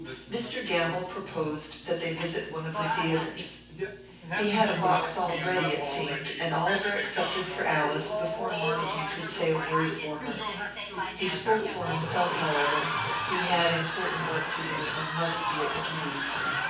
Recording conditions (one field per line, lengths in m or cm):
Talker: one person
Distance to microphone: 9.8 m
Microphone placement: far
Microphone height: 1.8 m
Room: large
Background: television